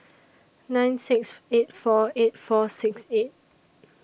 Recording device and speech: boundary microphone (BM630), read sentence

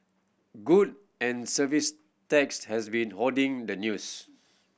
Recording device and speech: boundary microphone (BM630), read sentence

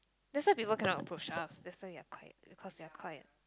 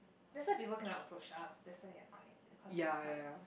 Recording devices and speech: close-talking microphone, boundary microphone, conversation in the same room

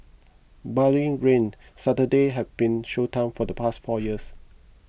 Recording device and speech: boundary microphone (BM630), read sentence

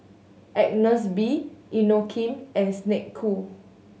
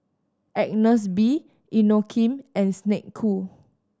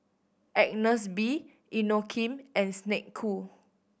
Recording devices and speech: mobile phone (Samsung S8), standing microphone (AKG C214), boundary microphone (BM630), read sentence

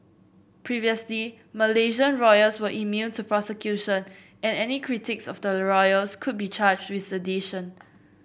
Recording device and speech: boundary microphone (BM630), read sentence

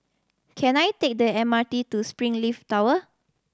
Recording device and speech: standing microphone (AKG C214), read sentence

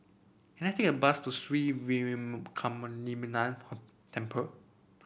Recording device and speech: boundary microphone (BM630), read sentence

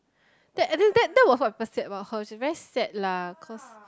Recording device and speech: close-talking microphone, conversation in the same room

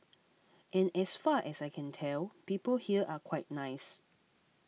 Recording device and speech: mobile phone (iPhone 6), read sentence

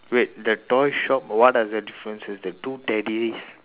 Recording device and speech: telephone, conversation in separate rooms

